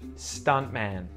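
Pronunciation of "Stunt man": In 'stunt man', the T after the N in 'stunt' is muted.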